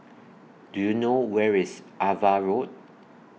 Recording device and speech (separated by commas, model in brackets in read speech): mobile phone (iPhone 6), read sentence